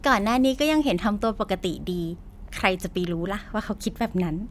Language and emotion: Thai, happy